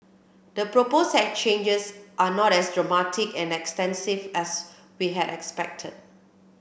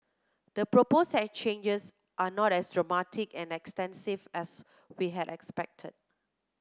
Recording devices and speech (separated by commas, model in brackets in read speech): boundary microphone (BM630), close-talking microphone (WH30), read sentence